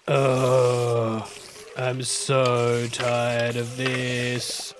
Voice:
Groany voice